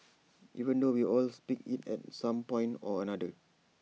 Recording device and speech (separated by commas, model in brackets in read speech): mobile phone (iPhone 6), read sentence